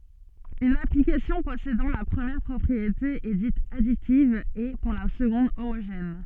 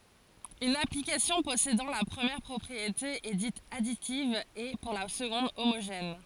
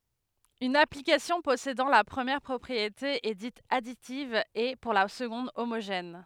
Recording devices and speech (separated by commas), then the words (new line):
soft in-ear microphone, forehead accelerometer, headset microphone, read sentence
Une application possédant la première propriété est dite additive et, pour la seconde, homogène.